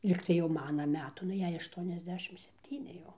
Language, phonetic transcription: Lithuanian, ˈlygtai jau ˈmana ˈmetu nu ˈjai ašˌtuoniasˈdešim sepˈtyni jau

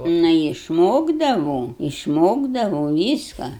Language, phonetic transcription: Lithuanian, ˈnu išˈmokdavom išˈmokdavau ˈvyska

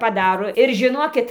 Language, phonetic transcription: Lithuanian, paˈdaro ir žiˈnokit

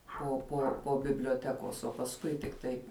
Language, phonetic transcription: Lithuanian, po po po biblioˈtekos o pasˈkui tikˈtai

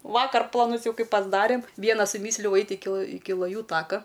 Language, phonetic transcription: Lithuanian, ˈvakar plaˈnus ˈjau ˈkai pasˈdarėm ˈviena suˈmysliau ˈait' ˈiki ˈiki laˈjų ˈtaka

